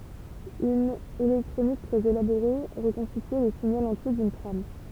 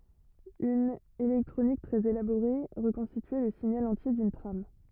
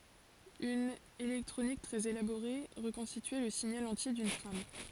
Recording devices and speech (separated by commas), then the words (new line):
temple vibration pickup, rigid in-ear microphone, forehead accelerometer, read sentence
Une électronique très élaborée reconstituait le signal entier d'une trame.